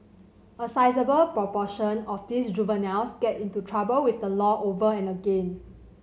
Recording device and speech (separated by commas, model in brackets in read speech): mobile phone (Samsung C7100), read sentence